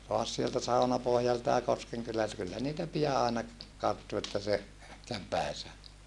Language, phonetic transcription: Finnish, toas sieltä Saunapohjalta ja Koskeŋkylältä kyllä niitä pija àena , karttu että se , käv pä̀isä .
- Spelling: taas sieltä Saunapohjalta ja Koskenkylältä kyllä niitä pian aina karttui että se kävi päinsä

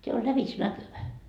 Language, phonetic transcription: Finnish, » 'teä o 'lävitsnäkyvä .
- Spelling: tämä on lävitsenäkyvä

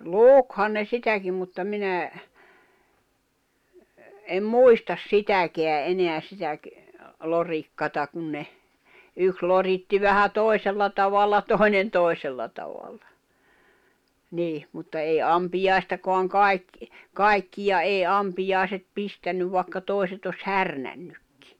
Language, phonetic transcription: Finnish, lùkhan ne 'sitäkim mutta 'minä , em "muistas "sitäkeä '’eneä sitäk- , 'lorikkata 'kun ne , 'yks 'loritti vähä "tòi̬sella tavalla 'tòi̬nen "tòi̬sella tavalla , 'niih , mutta 'èi 'ampijài̬stakoaŋ "kai̬k- , "kai̬kkija 'èi "ampijài̬set 'pistännyv vài̬kka 'tòi̬set ‿os "härnännykkɪ .
- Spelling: lukihan ne sitäkin mutta minä en muista sitäkään enää sitä lorikkaa kun ne yksi loritti vähän toisella tavalla toinen toisella tavalla niin mutta ei ampiaistakaan - kaikkia ei ampiaiset pistänyt vaikka toiset olisi härnännytkin

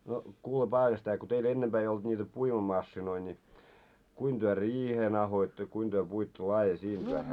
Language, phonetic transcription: Finnish, no , 'kuule 'Paavaĺsetä ko teil 'ennempää ei olt ńiitä 'puimamassinoi ńi , kuin työ "riihen ‿ahoitto ja kuin työ 'puitto 'laaje siint vähä .
- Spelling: no kuule Paavali-setä kun teillä ennempää ei ollut niitä puimamasiinoita niin kuinka te riihen ahdoitte ja kuinka te puitte laadi siitä vähän

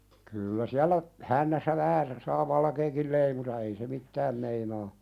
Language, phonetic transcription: Finnish, kyllä "siäl̆lä , 'hännässä vähä (se) saa "valkeekil leimuta ei se "mittääm meinaa .
- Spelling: kyllä siellä hännässä vähän se saa valkeakin leimuta ei se mitään meinaa

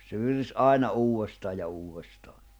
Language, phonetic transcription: Finnish, se viris "ài̬na 'uu₍estaaʲ ja 'uuwestaaɴ .
- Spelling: se virisi aina uudestaan ja uudestaan

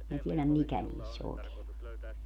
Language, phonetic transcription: Finnish, minä 'tieläm "mikä niis's ‿ookeen ‿on .
- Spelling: minä tiedä mikä niissä oikein on

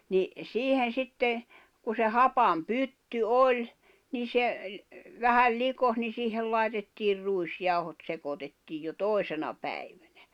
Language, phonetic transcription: Finnish, ni , 'siihen̬ 'sitte , ku se "hapam "pytty "oĺ , nii se , vähäl 'likos ni siihel lài̬tettiir 'ruis'jau̬hot 'sekotettiij jo "tòi̬sena 'päiᴠᴀ̈ɴᴀ̈ .
- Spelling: niin siihen sitten kun se hapan pytty oli niin se vähän likosi niin siihen laitettiin ruisjauhot sekoitettiin jo toisena päivänä

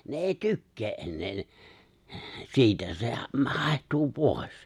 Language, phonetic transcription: Finnish, ne 'èi ''tykkee’ ’ennee ne , 'siitä , se ma- 'hài̬htuu 'pòi̬s .
- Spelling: ne ei tykkää enää ne siitä se - haihtuu pois

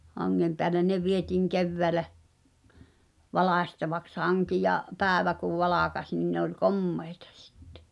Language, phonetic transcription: Finnish, 'haŋŋem peälen 'ne vieti̳ŋ 'kevväälä , 'valàśtavaks "haŋki ja , "pääᵉvä kuv 'valàkaś nin ne ‿oĺ "kommeɪtᴀ sɪttᴇ .
- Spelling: hangen päälle ne vietiin keväällä valkaistavaksi hanki ja päivä kun valkeni niin ne oli komeita sitten

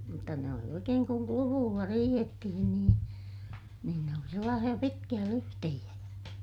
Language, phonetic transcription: Finnish, mutta ne oli oikeeŋ kuŋ kluvuulla riihettihin niin , niin ne oli sellaasiʲa pitkiʲä lyhtehiʲä .
- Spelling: mutta ne oli oikein kun kluvuilla riihettiin niin niin ne oli sellaisia pitkiä lyhteitä

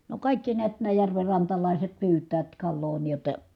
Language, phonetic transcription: Finnish, no kàikki niät nää järverrantalàiset pyyt̆täät kalloo nii jotta .
- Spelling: no kaikki näet nämä järvenrantalaiset pyytävät kalaa niin jotta

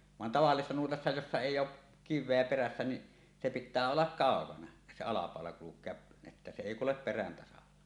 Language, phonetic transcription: Finnish, van 'tavallisessa 'nuotassa jossa èij̆j ‿oˀ , "kiv̆veä 'perässä niˀ , se pit̆tää ollak "kàokana , se 'alapàola kuluk̆kea , että se 'èi "kulep 'perän tasalla .
- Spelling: vaan tavallisessa nuotassa jossa ei ole kiveä perässä niin se pitää olla kaukana se alapaula kulkea että se ei kulje perän tasalla

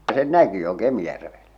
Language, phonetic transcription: Finnish, sen 'näki jo 'Kemⁱjärvellä .
- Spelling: sen näki jo Kemijärvellä

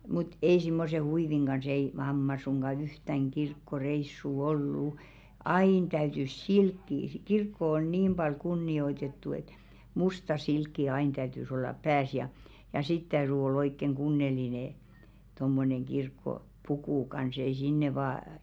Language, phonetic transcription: Finnish, mut "ei simmose 'huiviŋ ɢans ‿ei 'mamma suŋɢa "yhtäŋ 'kirkko"reissù "ol'lu , "ain täytys "silkkii si- 'kirkko 'on "niim ʙal 'kunni₍oitettu et , 'musta 'silkki 'ain täytys ollap 'pääs ja , ja 'sit täyry oll ‿oikkeŋ 'ɢunne̳§line , tommoneŋ 'ɢirkko"pukù kans ei 'sinne vâ .
- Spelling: mutta ei semmoisen huivin kanssa ei mamma suinkaan yhtään kirkkoreissua ollut aina täytyi silkkiä - kirkko on niin paljon kunnioitettu että musta silkki aina täytyi olla päässä ja ja sitten täytyi olla oikein kunnollinen tuommoinen kirkkopuku kanssa ei sinne vain

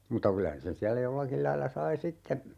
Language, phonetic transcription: Finnish, muta 'kylä sen siällä 'jollakil lailla 'sai "sitte ,.
- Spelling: mutta kyllä sen siellä jollakin lailla sai sitten

